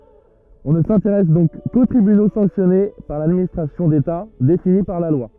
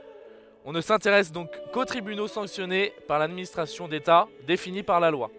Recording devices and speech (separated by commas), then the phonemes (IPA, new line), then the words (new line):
rigid in-ear microphone, headset microphone, read sentence
ɔ̃ nə sɛ̃teʁɛs dɔ̃k ko tʁibyno sɑ̃ksjɔne paʁ ladministʁasjɔ̃ deta defini paʁ la lwa
On ne s'intéresse donc qu'aux tribunaux sanctionnés par l'administration d'État, définis par la loi.